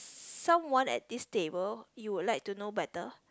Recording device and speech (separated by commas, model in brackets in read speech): close-talking microphone, conversation in the same room